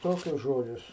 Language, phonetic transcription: Lithuanian, ˈtokius ˈžodžius

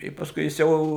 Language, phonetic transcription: Lithuanian, tai pasˈkui jis ˈjau

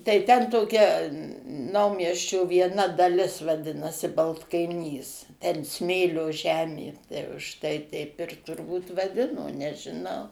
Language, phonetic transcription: Lithuanian, tai ten toˈkia ˈnaumiesčio vieˈna daˈlis vaˈdinasi baltkaiˈnys ˈten ˈsmėlio ˈžemė ˈtai už ˈtai ˈteip ir turˈbūt vaˈdino nežiˈnau

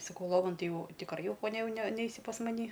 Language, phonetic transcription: Lithuanian, saˈkau ˈlovan ˈtai ˈjau tikˈrai ˈjau poˈnia jau ne ˈneisi pas maˈny

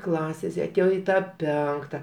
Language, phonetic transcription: Lithuanian, ˈklasės i aˈtėjo i ˈtą ˈpenkta

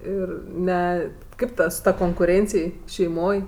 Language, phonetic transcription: Lithuanian, ˈir ˈne ˈkaip ˈta su ˈta konkuˈrėncij šeiˈmoj

